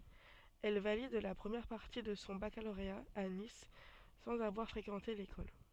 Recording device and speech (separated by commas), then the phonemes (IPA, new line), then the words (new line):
soft in-ear microphone, read sentence
ɛl valid la pʁəmjɛʁ paʁti də sɔ̃ bakaloʁea a nis sɑ̃z avwaʁ fʁekɑ̃te lekɔl
Elle valide la première partie de son baccalauréat à Nice, sans avoir fréquenté l'école.